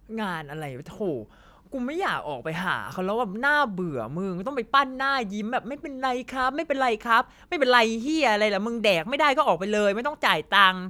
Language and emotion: Thai, frustrated